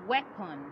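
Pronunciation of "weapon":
'Weapon' is pronounced correctly here.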